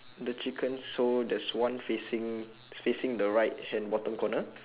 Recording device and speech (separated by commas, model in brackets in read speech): telephone, conversation in separate rooms